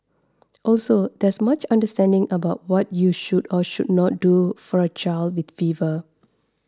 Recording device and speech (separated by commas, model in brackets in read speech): standing microphone (AKG C214), read sentence